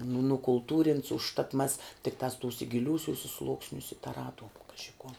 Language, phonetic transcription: Lithuanian, nu nukulˈtūrints užˈtat mas tikˈtās ˈtūse giˈliūsiuse ˈslūksniuse taˈraduom ˈkaži kuo

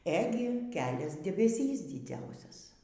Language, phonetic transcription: Lithuanian, ˈegi ˈkelias debeˈsys diˈdziausias

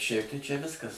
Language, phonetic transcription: Lithuanian, ˈšiaip tai čia ˈviskas

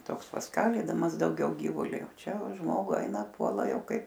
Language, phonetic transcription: Lithuanian, ˈtoks pasˈkalydamas dauˈgiau ˈgyvuli o ˈčia o ˈžmogu ˈeina ˈpuola ˈjau ˈkaip

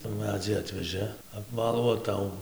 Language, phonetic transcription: Lithuanian, tų ˈmedzį ˈatvežɘ apˈvalų o ˈtau

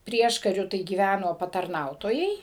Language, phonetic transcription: Lithuanian, ˈprieškariu tai gyˈvæno patarˈnautojai

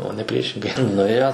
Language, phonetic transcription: Lithuanian, o ne ˈpriešingai nuˈėjo

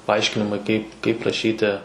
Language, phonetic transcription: Lithuanian, paˈaiškinimai ˈkaip kaip raˈšyti

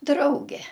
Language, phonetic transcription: Lithuanian, ˈdrauge

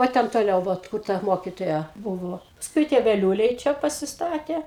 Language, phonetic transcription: Lithuanian, va ˈten toˈliau ˈvat kur ˈta ˈmokitoja ˈbuvo pasˈkui tie veˈliūliai ˈčia pasiˈstatė

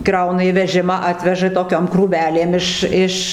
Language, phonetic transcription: Lithuanian, ˈkrauna į ˈvežimą ˈatveža toˈkiam krūˈvelėm ˈiš ˈiš

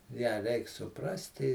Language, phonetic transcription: Lithuanian, ją ˈreik suˈprasti

